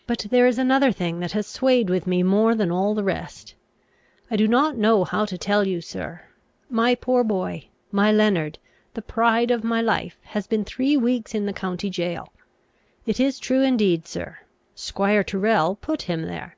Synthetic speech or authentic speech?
authentic